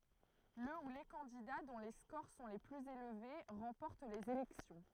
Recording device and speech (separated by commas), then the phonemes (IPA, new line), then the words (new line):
throat microphone, read sentence
lə u le kɑ̃dida dɔ̃ le skoʁ sɔ̃ le plyz elve ʁɑ̃pɔʁt lez elɛksjɔ̃
Le ou les candidats dont les scores sont les plus élevés remportent les élections.